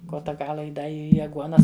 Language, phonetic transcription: Lithuanian, ˈkota ˈgala i ˈda ˈį aˈguonas

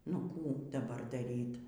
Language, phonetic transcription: Lithuanian, nu ˈkų daˈbar daˈryt

